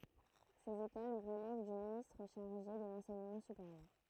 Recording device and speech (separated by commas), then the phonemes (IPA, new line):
throat microphone, read sentence
sez ekol ʁəlɛv dy ministʁ ʃaʁʒe də lɑ̃sɛɲəmɑ̃ sypeʁjœʁ